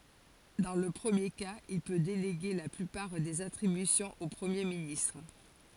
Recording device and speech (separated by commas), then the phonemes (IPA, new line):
forehead accelerometer, read sentence
dɑ̃ lə pʁəmje kaz il pø deleɡe la plypaʁ dez atʁibysjɔ̃z o pʁəmje ministʁ